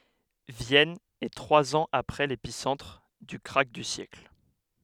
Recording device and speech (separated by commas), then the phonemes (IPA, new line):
headset microphone, read sentence
vjɛn ɛ tʁwaz ɑ̃z apʁɛ lepisɑ̃tʁ dy kʁak dy sjɛkl